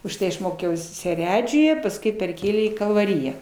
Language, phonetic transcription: Lithuanian, užˈtai aš ˈmokiaus seˈredžiuje pasˈkui perˈkėlė į kalvaˈriją

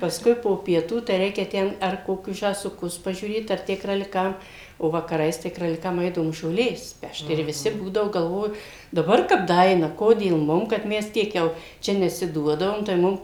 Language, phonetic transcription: Lithuanian, pasˈkui po pieˈtų tai ˈreikia ˈten ar koˈkius žąsuˈkus pažiūˈrėt ar ˈtę kraliˈkam o vakaˈrais tai kraliˈkam ˈeidavom žoˈlės ˈpešt ir viˈsi ˈbūdavo galˈvoju daˈbar kap daˈaina ˈkodėl mum kad ˈmes ˈtiek jau ˈčia nesiˈduodavom tai ˈmum

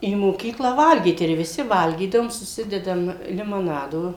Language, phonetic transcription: Lithuanian, į moˈkykla ˈvalgyt ir viˈsi ˈvalgydavom suˈsidedam limoˈnado

